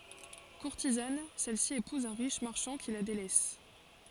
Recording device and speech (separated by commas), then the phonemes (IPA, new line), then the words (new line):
forehead accelerometer, read sentence
kuʁtizan sɛlsi epuz œ̃ ʁiʃ maʁʃɑ̃ ki la delɛs
Courtisane, celle-ci épouse un riche marchand qui la délaisse.